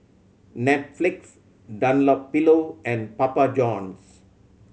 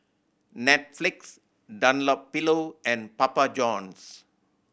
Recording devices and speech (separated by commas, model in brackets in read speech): mobile phone (Samsung C7100), boundary microphone (BM630), read sentence